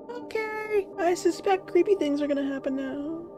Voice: high-pitched, frightened voice